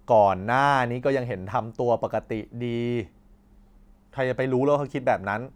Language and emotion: Thai, frustrated